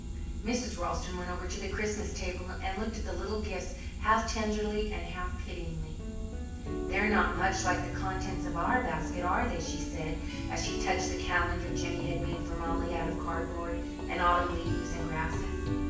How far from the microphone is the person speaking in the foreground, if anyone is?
9.8 m.